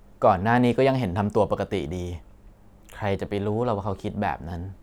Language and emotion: Thai, neutral